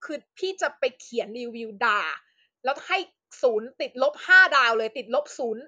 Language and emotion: Thai, angry